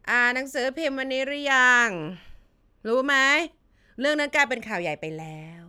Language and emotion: Thai, frustrated